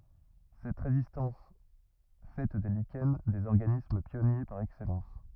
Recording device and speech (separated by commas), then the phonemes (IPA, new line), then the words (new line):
rigid in-ear microphone, read sentence
sɛt ʁezistɑ̃s fɛ de liʃɛn dez ɔʁɡanism pjɔnje paʁ ɛksɛlɑ̃s
Cette résistance fait des lichens des organismes pionniers par excellence.